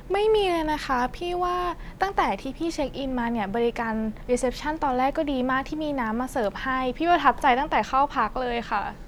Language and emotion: Thai, neutral